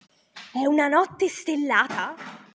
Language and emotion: Italian, surprised